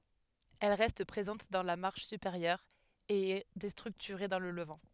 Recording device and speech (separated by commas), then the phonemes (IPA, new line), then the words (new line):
headset microphone, read sentence
ɛl ʁɛst pʁezɑ̃t dɑ̃ la maʁʃ sypeʁjœʁ e ɛ destʁyktyʁe dɑ̃ lə ləvɑ̃
Elle reste présente dans la marche supérieure et est déstructurée dans le levant.